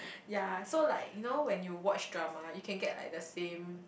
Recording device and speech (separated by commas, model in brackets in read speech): boundary microphone, conversation in the same room